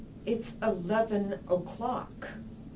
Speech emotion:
angry